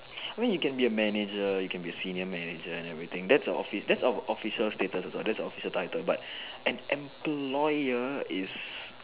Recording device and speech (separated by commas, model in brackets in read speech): telephone, conversation in separate rooms